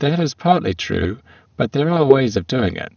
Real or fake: fake